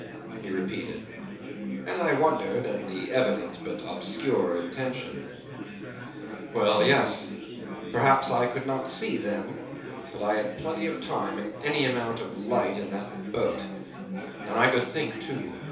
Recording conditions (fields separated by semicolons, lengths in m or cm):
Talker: one person; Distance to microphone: 3.0 m; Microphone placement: far; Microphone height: 1.8 m; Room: small (3.7 m by 2.7 m); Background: babble